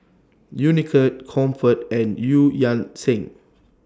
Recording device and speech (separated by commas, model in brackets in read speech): standing microphone (AKG C214), read sentence